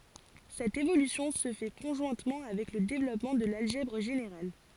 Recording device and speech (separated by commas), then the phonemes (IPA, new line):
forehead accelerometer, read sentence
sɛt evolysjɔ̃ sə fɛ kɔ̃ʒwɛ̃tmɑ̃ avɛk lə devlɔpmɑ̃ də lalʒɛbʁ ʒeneʁal